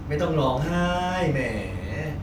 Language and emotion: Thai, happy